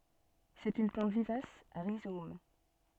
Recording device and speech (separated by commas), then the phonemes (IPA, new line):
soft in-ear microphone, read sentence
sɛt yn plɑ̃t vivas a ʁizom